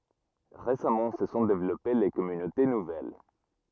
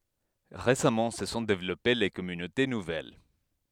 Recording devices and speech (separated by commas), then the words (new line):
rigid in-ear microphone, headset microphone, read sentence
Récemment, se sont développées les communautés nouvelles.